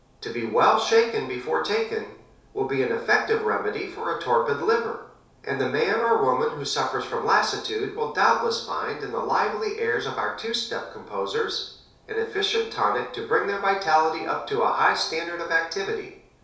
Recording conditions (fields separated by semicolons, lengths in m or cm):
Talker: one person; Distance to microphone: 3.0 m; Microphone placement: far; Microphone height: 1.8 m; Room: small (3.7 m by 2.7 m); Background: none